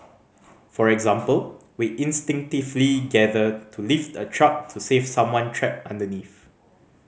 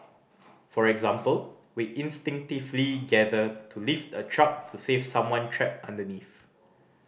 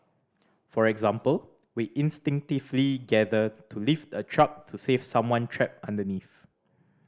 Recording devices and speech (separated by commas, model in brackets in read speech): mobile phone (Samsung C5010), boundary microphone (BM630), standing microphone (AKG C214), read sentence